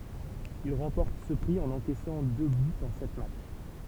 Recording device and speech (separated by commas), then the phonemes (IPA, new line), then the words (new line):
temple vibration pickup, read sentence
il ʁɑ̃pɔʁt sə pʁi ɑ̃n ɑ̃kɛsɑ̃ dø bytz ɑ̃ sɛt matʃ
Il remporte ce prix en encaissant deux buts en sept matchs.